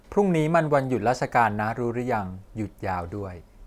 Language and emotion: Thai, neutral